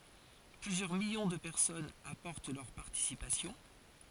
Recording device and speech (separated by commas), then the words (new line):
forehead accelerometer, read sentence
Plusieurs millions de personnes apportent leur participation.